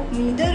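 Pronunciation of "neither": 'Neither' is said here in the US accent pronunciation.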